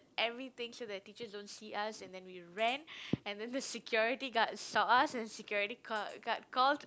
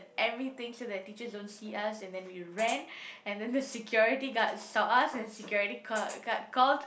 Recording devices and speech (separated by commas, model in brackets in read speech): close-talking microphone, boundary microphone, conversation in the same room